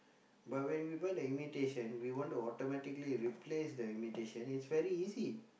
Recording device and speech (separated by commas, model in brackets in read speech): boundary microphone, conversation in the same room